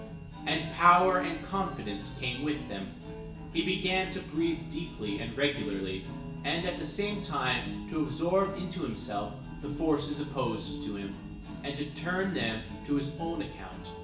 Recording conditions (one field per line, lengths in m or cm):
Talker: one person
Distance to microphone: 1.8 m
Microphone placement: close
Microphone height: 1.0 m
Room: large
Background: music